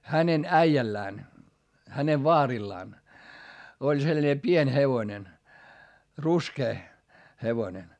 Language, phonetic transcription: Finnish, hänen äijällään , hänev vaarillaan , oĺ selńe pień hevonen , ruskee , hevonen .
- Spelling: hänen äijällään hänen vaarillaan oli sellainen pieni hevonen ruskea hevonen

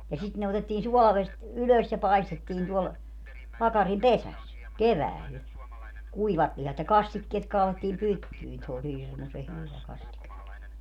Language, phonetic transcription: Finnish, ja 'sit ne otettiin 'suɔlavest , 'ylös ja 'paestettiin tuɔl , 'pakarim "pesäs , "kevääl , 'kuivat lihat ja "kastikkeet kaalettiim 'pyttyin - se oĺ "hirmuse 'hyvä 'kastike .
- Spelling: ja sitten ne otettiin suolavedestä ylös ja paistettiin tuolla pakarin pesässä keväällä kuivat lihat ja kastikkeet kaadettiin pyttyihin se oli hirmuisen hyvä kastike

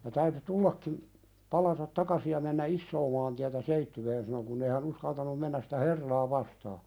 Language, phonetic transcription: Finnish, ja täyty "tullakkim , 'palatat 'takasi ja mennä "issoo maantiätä 'Seittyween sano kunn ‿ei hä'n ‿uskaltanum 'mennäs sɪtä "herraa vastaa .
- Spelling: ja täytyi tullakin palata takaisin ja mennä isoa maantietä Seitsiöön sanoi kun ei hän uskaltanut mennä sitä herraa vastaan

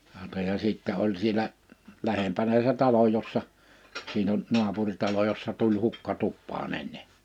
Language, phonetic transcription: Finnish, -hàota ja 'sìttä oĺ sielä , 'lähempänä se 'talo jossa , 'siin ‿on , 'nu̬apuŕtalo jossa 'tuĺ 'hukka 'tuppaa'n ‿enne .
- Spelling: hauta ja sitten oli siellä lähempänä se talo jossa siinä on naapuritalo jossa tuli hukka tupaan ennen

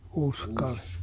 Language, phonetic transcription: Finnish, ˈUskali .
- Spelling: Uskali

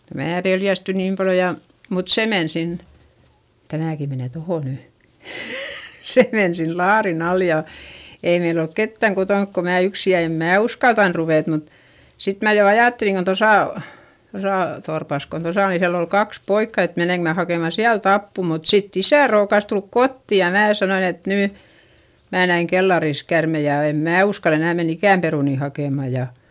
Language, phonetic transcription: Finnish, ja mää peljästy niim paljo ja , mut se men sin , tämä̀ki menè toho ny , se men sin laarin ‿al ja , ei meil ‿olk kettäŋ kotonk ko mää yksi ja em mää uskaltan ruvèt mut , sit mä jo ajàtteliŋ kon̬ tosà , tosà torpas kon tosa o nin siäll ‿ol kaks poikka et meneŋk mä hakèma siält ‿appu mut sitt ‿isä̀ rookas tulk kotti ja mää sanoin ‿et » nỳ , mää näiŋ kellaris kärmej ja èm mää uskal ‿enä̀ menn ‿ikä̀m perùni hakèma » ja ,.
- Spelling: ja minä pelästyin niin paljon ja mutta se meni sinne tämäkin menee tuohon nyt se meni sinne laarin alle ja ei meillä ollut ketään kotona kuin minä yksin ja en minä uskaltanut ruveta mutta sitten minä jo ajattelin kun tuossa tuossa torpassa kun tuossa on niin siellä oli kaksi poikaa että menenkö minä hakemaan sieltä apua mutta sitten isä rookasi tulla kotiin ja minä sanoin että nyt minä näin kellarissa käärmeen ja en minä uskalla enää mennä ikään perunoita hakemaan ja

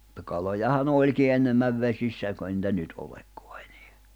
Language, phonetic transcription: Finnish, [mut]ta kalojaha'n ‿oĺki 'ennemäv 'vesissä ei kain nⁱtä 'nyt 'olekkᴏᴀ ᴇɴᴇᴀ̈ .
- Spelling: mutta kalojahan olikin enemmän vesissä ei kai niitä nyt olekaan enää

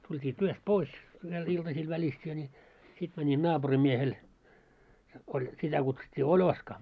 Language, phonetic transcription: Finnish, tult́ii 'työst "pois , viel iltasⁱl 'välistee ńi , 'sit mäńin 'naaʙurim'miehel , oĺ , 'sitä kutsut́t́ii "Oĺoska .
- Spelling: tultiin työstä pois vielä iltasella välistä niin sitten menin naapurinmiehelle oli sitä kutsuttiin Oloska

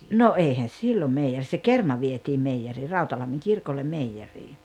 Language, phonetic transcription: Finnish, 'no 'èihän̬ "siilo meijer se "kerma vietii 'meijjerii "Rautalammiŋ "kirkollem̆ 'meijjerii .
- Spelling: no eihän silloin meijeri se kerma vietiin meijeriin Rautalammin kirkolle meijeriin

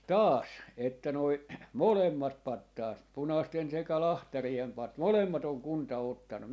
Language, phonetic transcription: Finnish, "taas , että noi » , "molemmat 'pattaat , "punasten sekä "lahtariem 'pat- , "molemmat ‿oŋ "kunta 'ottanu » .
- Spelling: taas että nuo molemmat patsaat punaisten sekä lahtarien - molemmat on kunta ottanut

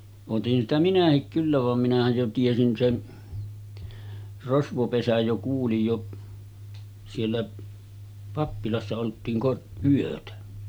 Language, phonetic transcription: Finnish, otin sitä 'minähik kyllä vam minähäj jo 'tiesin 'sen , 'rosvopesäj jo kuulij jo , siellä 'pappilassa oltiin kor- , 'yötä .
- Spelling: otin sitä minäkin kyllä vaan minähän jo tiesin sen rosvopesän jo kuulin jo siellä pappilassa oltiin - yötä

